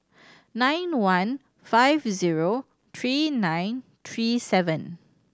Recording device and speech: standing microphone (AKG C214), read sentence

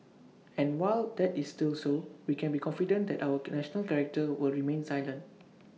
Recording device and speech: mobile phone (iPhone 6), read sentence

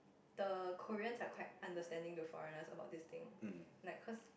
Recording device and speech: boundary microphone, conversation in the same room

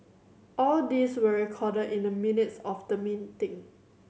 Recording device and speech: mobile phone (Samsung C7100), read sentence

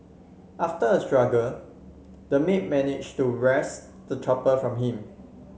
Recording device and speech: mobile phone (Samsung C7), read sentence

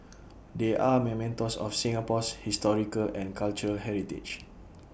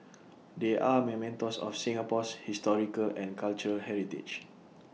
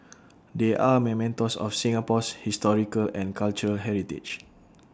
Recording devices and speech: boundary microphone (BM630), mobile phone (iPhone 6), standing microphone (AKG C214), read sentence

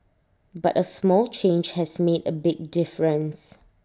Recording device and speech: standing microphone (AKG C214), read sentence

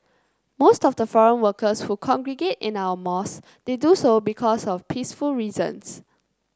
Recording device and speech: close-talking microphone (WH30), read sentence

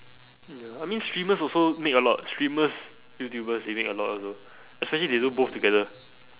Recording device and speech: telephone, conversation in separate rooms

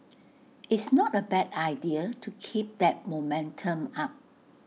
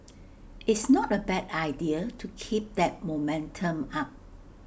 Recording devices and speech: mobile phone (iPhone 6), boundary microphone (BM630), read sentence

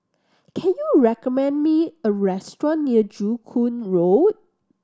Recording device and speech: standing microphone (AKG C214), read sentence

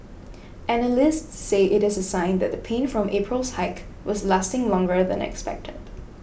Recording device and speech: boundary microphone (BM630), read sentence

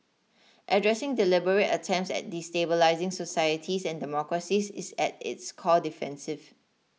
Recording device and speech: mobile phone (iPhone 6), read sentence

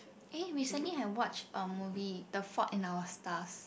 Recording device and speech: boundary microphone, conversation in the same room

